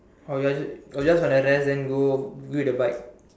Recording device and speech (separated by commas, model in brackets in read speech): standing microphone, conversation in separate rooms